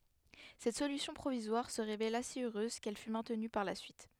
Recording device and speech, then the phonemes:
headset microphone, read sentence
sɛt solysjɔ̃ pʁovizwaʁ sə ʁevela si øʁøz kɛl fy mɛ̃tny paʁ la syit

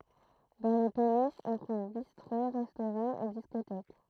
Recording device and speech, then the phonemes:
throat microphone, read sentence
dɑ̃ le peniʃz ɔ̃ tʁuv bistʁo ʁɛstoʁɑ̃z e diskotɛk

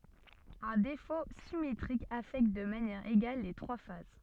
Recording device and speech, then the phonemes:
soft in-ear microphone, read sentence
œ̃ defo simetʁik afɛkt də manjɛʁ eɡal le tʁwa faz

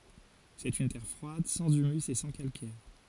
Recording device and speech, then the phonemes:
forehead accelerometer, read sentence
sɛt yn tɛʁ fʁwad sɑ̃z ymys e sɑ̃ kalkɛʁ

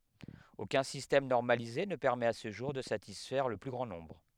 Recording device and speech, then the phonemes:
headset microphone, read sentence
okœ̃ sistɛm nɔʁmalize nə pɛʁmɛt a sə ʒuʁ də satisfɛʁ lə ply ɡʁɑ̃ nɔ̃bʁ

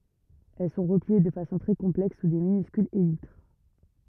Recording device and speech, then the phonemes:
rigid in-ear microphone, read sentence
ɛl sɔ̃ ʁəplie də fasɔ̃ tʁɛ kɔ̃plɛks su də minyskylz elitʁ

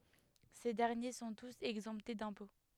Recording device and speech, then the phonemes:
headset microphone, read sentence
se dɛʁnje sɔ̃ tus ɛɡzɑ̃pte dɛ̃pɔ̃

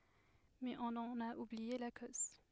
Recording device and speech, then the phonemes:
headset microphone, read sentence
mɛz ɔ̃n ɑ̃n a ublie la koz

